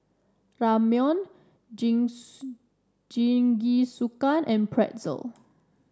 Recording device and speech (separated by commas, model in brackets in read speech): standing microphone (AKG C214), read sentence